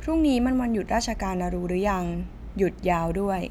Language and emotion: Thai, neutral